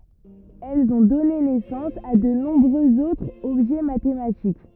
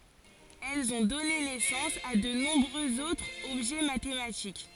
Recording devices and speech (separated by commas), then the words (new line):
rigid in-ear microphone, forehead accelerometer, read sentence
Elles ont donné naissance à de nombreux autres objets mathématiques.